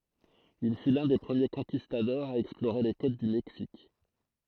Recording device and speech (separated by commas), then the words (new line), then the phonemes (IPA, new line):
throat microphone, read sentence
Il fut l'un des premiers Conquistadors à explorer les côtes du Mexique.
il fy lœ̃ de pʁəmje kɔ̃kistadɔʁz a ɛksploʁe le kot dy mɛksik